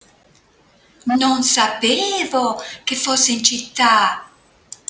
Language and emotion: Italian, surprised